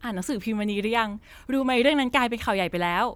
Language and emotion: Thai, happy